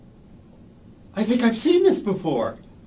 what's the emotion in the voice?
happy